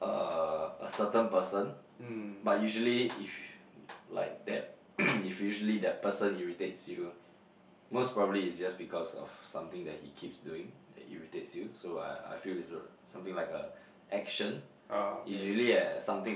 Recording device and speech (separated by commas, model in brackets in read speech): boundary microphone, conversation in the same room